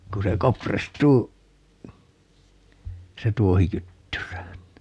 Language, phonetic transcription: Finnish, 'ku se "kopristuu , se "tuohi 'kyttyrään (ni) .
- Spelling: kun se kopristuu se tuohi kyttyrään niin

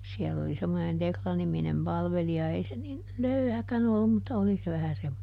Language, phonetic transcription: Finnish, ˈsiɛll ‿oli ˈsemmonen ˈTekla-niminem ˈpalveli₍a - ˈei se nin , "löyhäkän ‿ollum mutta ˈoli se vähä ˈsemmone .
- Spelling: siellä oli semmoinen Tekla-niminen palvelija ei se niin löyhäkään ollut mutta oli se vähän semmoinen

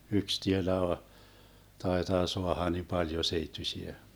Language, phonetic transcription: Finnish, 'yks 'tielä , 'taitaa 'soaha ni 'paljo 'seittysiä .
- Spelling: yksi tielä taitaa saada niin paljon seittyisiä

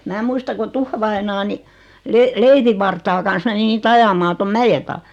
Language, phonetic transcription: Finnish, mää 'muista ko 'tuffavainaa ni , 'le-'leivivvartaa kan̬s meni nii't ‿ajamaa 'tom "mäje taa .
- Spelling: minä muistan kun tuffavainaja niin leivinvartaan kanssa meni niitä ajamaan tuon mäen taakse

